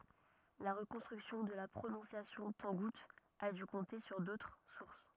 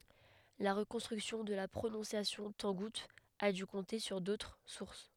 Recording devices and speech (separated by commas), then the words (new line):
rigid in-ear microphone, headset microphone, read sentence
La reconstruction de la prononciation tangoute a dû compter sur d'autres sources.